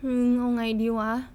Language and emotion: Thai, frustrated